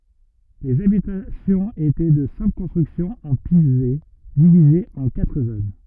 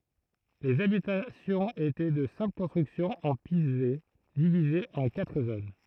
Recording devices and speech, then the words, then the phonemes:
rigid in-ear microphone, throat microphone, read sentence
Les habitations étaient de simples constructions en pisé, divisées en quatre zones.
lez abitasjɔ̃z etɛ də sɛ̃pl kɔ̃stʁyksjɔ̃z ɑ̃ pize divizez ɑ̃ katʁ zon

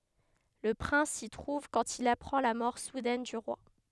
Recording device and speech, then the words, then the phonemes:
headset microphone, read sentence
Le prince s'y trouve quand il apprend la mort soudaine du roi.
lə pʁɛ̃s si tʁuv kɑ̃t il apʁɑ̃ la mɔʁ sudɛn dy ʁwa

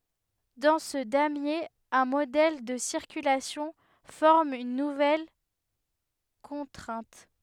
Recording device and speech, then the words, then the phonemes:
headset microphone, read sentence
Dans ce damier, un modèle de circulation forme une nouvelle contrainte.
dɑ̃ sə damje œ̃ modɛl də siʁkylasjɔ̃ fɔʁm yn nuvɛl kɔ̃tʁɛ̃t

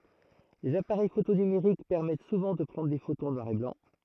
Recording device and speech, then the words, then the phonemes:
throat microphone, read sentence
Les appareils photo numériques permettent souvent de prendre des photos en noir et blanc.
lez apaʁɛj foto nymeʁik pɛʁmɛt suvɑ̃ də pʁɑ̃dʁ de fotoz ɑ̃ nwaʁ e blɑ̃

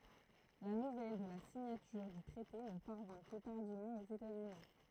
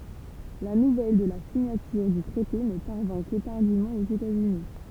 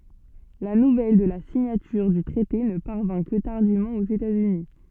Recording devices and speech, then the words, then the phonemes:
throat microphone, temple vibration pickup, soft in-ear microphone, read sentence
La nouvelle de la signature du traité ne parvint que tardivement aux États-Unis.
la nuvɛl də la siɲatyʁ dy tʁɛte nə paʁvɛ̃ kə taʁdivmɑ̃ oz etaz yni

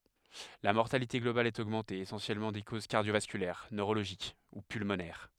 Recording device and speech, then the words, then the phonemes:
headset microphone, read sentence
La mortalité globale est augmentée, essentiellement de causes cardio-vasculaires, neurologiques ou pulmonaires.
la mɔʁtalite ɡlobal ɛt oɡmɑ̃te esɑ̃sjɛlmɑ̃ də koz kaʁdjovaskylɛʁ nøʁoloʒik u pylmonɛʁ

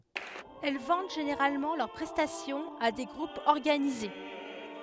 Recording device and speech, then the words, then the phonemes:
headset microphone, read sentence
Elles vendent généralement leurs prestations à des groupes organisés.
ɛl vɑ̃d ʒeneʁalmɑ̃ lœʁ pʁɛstasjɔ̃z a de ɡʁupz ɔʁɡanize

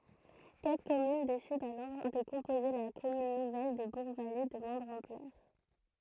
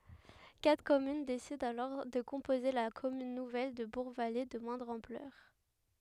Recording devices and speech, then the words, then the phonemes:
throat microphone, headset microphone, read sentence
Quatre communes décident alors de composer la commune nouvelle de Bourgvallées de moindre ampleur.
katʁ kɔmyn desidɑ̃ alɔʁ də kɔ̃poze la kɔmyn nuvɛl də buʁɡvale də mwɛ̃dʁ ɑ̃plœʁ

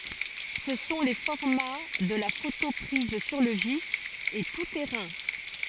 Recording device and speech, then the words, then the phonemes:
forehead accelerometer, read sentence
Ce sont les formats de la photo prise sur le vif et tout-terrain.
sə sɔ̃ le fɔʁma də la foto pʁiz syʁ lə vif e tu tɛʁɛ̃

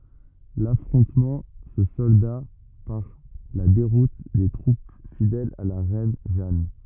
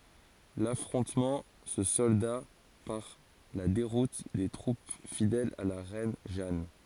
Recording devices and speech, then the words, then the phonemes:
rigid in-ear microphone, forehead accelerometer, read sentence
L’affrontement se solda par la déroute des troupes fidèles à la reine Jeanne.
lafʁɔ̃tmɑ̃ sə sɔlda paʁ la deʁut de tʁup fidɛlz a la ʁɛn ʒan

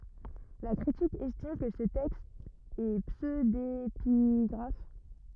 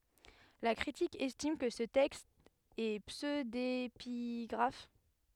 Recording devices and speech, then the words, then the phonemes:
rigid in-ear microphone, headset microphone, read sentence
La critique estime que ce texte est pseudépigraphe.
la kʁitik ɛstim kə sə tɛkst ɛ psødepiɡʁaf

